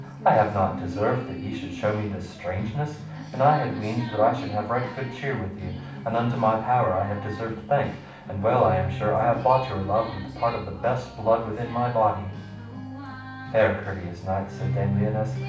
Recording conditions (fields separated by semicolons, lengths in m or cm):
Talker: one person; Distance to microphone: 5.8 m; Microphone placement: far; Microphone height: 1.8 m; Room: medium-sized (5.7 m by 4.0 m); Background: music